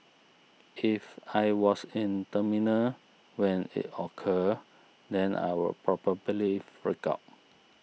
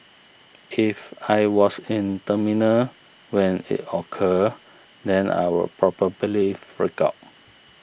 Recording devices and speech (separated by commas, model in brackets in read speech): mobile phone (iPhone 6), boundary microphone (BM630), read sentence